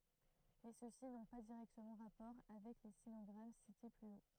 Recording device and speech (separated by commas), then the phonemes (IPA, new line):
throat microphone, read sentence
mɛ søksi nɔ̃ pa diʁɛktəmɑ̃ ʁapɔʁ avɛk le sinɔɡʁam site ply o